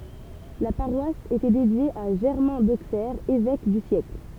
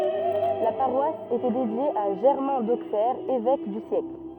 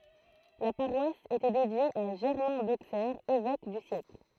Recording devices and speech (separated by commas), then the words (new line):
temple vibration pickup, rigid in-ear microphone, throat microphone, read sentence
La paroisse était dédiée à Germain d'Auxerre, évêque du siècle.